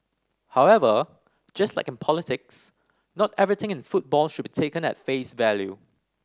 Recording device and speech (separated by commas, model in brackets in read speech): standing microphone (AKG C214), read sentence